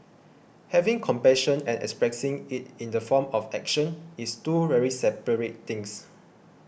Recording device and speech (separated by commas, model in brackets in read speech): boundary microphone (BM630), read sentence